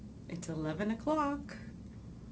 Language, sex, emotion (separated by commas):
English, female, neutral